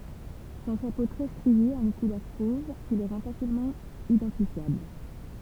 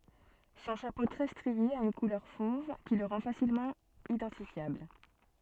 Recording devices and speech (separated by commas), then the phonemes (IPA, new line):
temple vibration pickup, soft in-ear microphone, read sentence
sɔ̃ ʃapo tʁɛ stʁie a yn kulœʁ fov ki lə ʁɑ̃ fasilmɑ̃ idɑ̃tifjabl